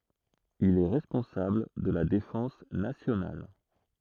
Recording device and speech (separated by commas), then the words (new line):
throat microphone, read sentence
Il est responsable de la défense nationale.